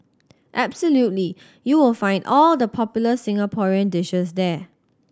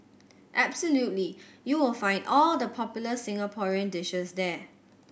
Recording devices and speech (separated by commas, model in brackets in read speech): standing microphone (AKG C214), boundary microphone (BM630), read sentence